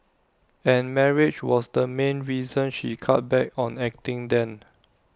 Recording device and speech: standing microphone (AKG C214), read sentence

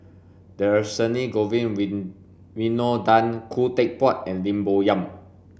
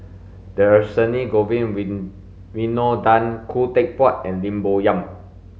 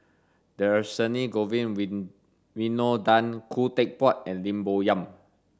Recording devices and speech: boundary microphone (BM630), mobile phone (Samsung S8), standing microphone (AKG C214), read sentence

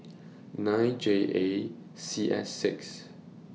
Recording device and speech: mobile phone (iPhone 6), read sentence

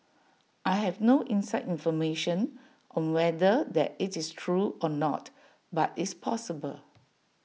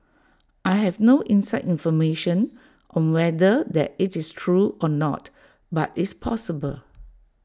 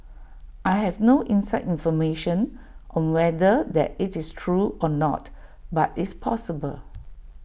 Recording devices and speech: mobile phone (iPhone 6), standing microphone (AKG C214), boundary microphone (BM630), read sentence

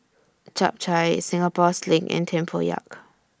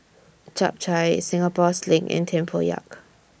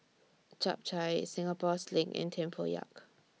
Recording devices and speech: standing microphone (AKG C214), boundary microphone (BM630), mobile phone (iPhone 6), read sentence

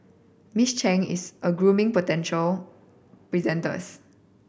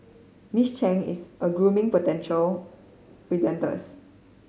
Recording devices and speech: boundary microphone (BM630), mobile phone (Samsung C5010), read sentence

